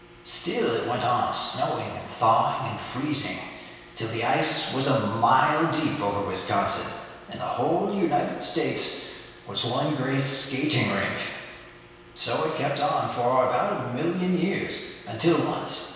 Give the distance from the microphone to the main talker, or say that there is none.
1.7 m.